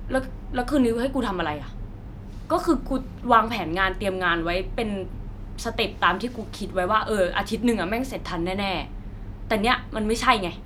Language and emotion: Thai, angry